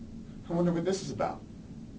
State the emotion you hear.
neutral